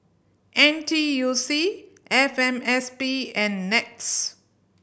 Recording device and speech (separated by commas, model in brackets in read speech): boundary microphone (BM630), read sentence